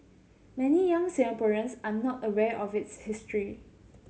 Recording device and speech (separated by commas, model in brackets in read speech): mobile phone (Samsung C7100), read sentence